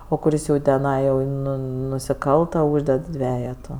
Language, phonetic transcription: Lithuanian, o kuˈris jau teˈnai jau ˈnu nusiˈkalta ˈūžded ˈdvejetu

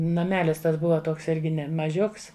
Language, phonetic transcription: Lithuanian, naˈmelis ˈtas ˈbuva ˈtoks ˈirgi ˈne maˈžiuks

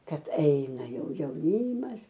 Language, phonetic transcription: Lithuanian, ˈkad ˈaina ˈjau jauˈnymas

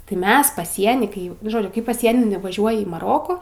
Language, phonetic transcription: Lithuanian, tai ˈmes paˈsieny kai ˈjau nu ˈžodžiu kai paˈsieni nuvaˈžiuoji į maˈroku

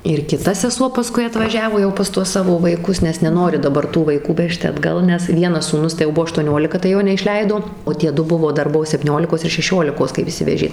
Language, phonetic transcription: Lithuanian, ir kiˈta seˈsuo paˈskui atvaˈžiavo jau pas ˈtuos ˈsavo vaiˈkus nes neˈnori daˈbar tų vaiˈkų ˈvežti atˈgal nes ˈvienas sūˈnus tai jau ˈbuo aštuoˈniolika tai ˈjo neišˈleido o ˈtie ˈdu ˈbuvo ˈdar ˈbuo septyˈniolikos ir šeˈšiolikos kaip išˈsivežė

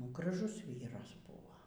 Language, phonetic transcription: Lithuanian, nu graˈžus ˈvyras ˈbuvo

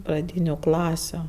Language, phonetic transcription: Lithuanian, praˈdyniu ˈklasiu

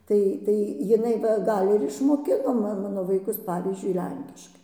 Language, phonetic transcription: Lithuanian, ˈtai tai jiˈnai va ˈgal ir išmoˈkino ma ˈmano vaiˈkus ˈpavyzdžiui ˈlenkiškai

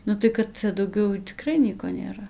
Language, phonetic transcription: Lithuanian, ˈnu tai kad ˈcia dauˈgiau tiˈkrai ˈnieko nėˈra

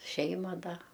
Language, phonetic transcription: Lithuanian, ˈšeima ˈda

